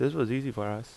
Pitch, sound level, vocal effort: 125 Hz, 80 dB SPL, normal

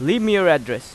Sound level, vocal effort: 94 dB SPL, loud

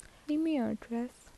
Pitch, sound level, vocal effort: 250 Hz, 74 dB SPL, soft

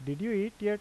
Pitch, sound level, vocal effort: 210 Hz, 87 dB SPL, normal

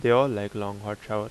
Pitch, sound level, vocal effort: 105 Hz, 85 dB SPL, normal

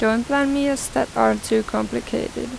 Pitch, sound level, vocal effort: 220 Hz, 85 dB SPL, normal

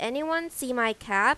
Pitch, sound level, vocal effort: 255 Hz, 91 dB SPL, loud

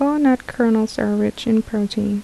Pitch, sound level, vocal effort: 220 Hz, 75 dB SPL, soft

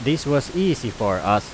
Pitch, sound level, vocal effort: 120 Hz, 91 dB SPL, very loud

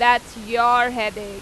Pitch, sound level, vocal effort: 235 Hz, 95 dB SPL, very loud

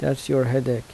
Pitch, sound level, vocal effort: 125 Hz, 79 dB SPL, soft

